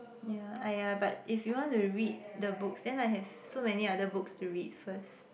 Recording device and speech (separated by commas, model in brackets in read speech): boundary microphone, conversation in the same room